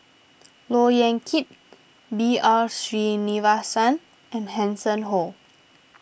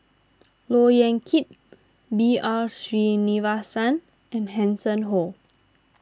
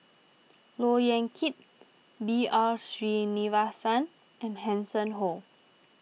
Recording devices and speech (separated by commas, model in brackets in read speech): boundary microphone (BM630), standing microphone (AKG C214), mobile phone (iPhone 6), read sentence